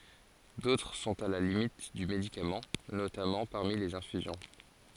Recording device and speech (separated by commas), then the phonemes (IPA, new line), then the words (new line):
forehead accelerometer, read sentence
dotʁ sɔ̃t a la limit dy medikamɑ̃ notamɑ̃ paʁmi lez ɛ̃fyzjɔ̃
D'autres sont à la limite du médicament, notamment parmi les infusions.